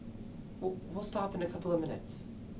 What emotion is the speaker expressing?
neutral